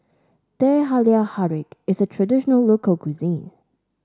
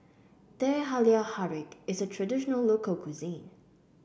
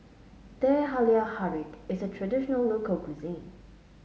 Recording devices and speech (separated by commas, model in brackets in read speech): standing microphone (AKG C214), boundary microphone (BM630), mobile phone (Samsung S8), read sentence